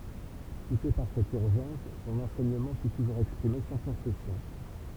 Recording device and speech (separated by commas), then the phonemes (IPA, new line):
temple vibration pickup, read sentence
puse paʁ sɛt yʁʒɑ̃s sɔ̃n ɑ̃sɛɲəmɑ̃ fy tuʒuʁz ɛkspʁime sɑ̃ kɔ̃sɛsjɔ̃